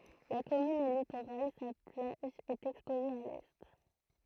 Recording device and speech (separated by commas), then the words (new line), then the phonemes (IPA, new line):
throat microphone, read sentence
La commune est littorale, sa plage est exposée à l'est.
la kɔmyn ɛ litoʁal sa plaʒ ɛt ɛkspoze a lɛ